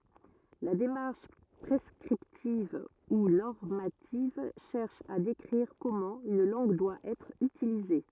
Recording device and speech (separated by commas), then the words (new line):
rigid in-ear microphone, read sentence
La démarche prescriptive ou normative cherche à décrire comment une langue doit être utilisée.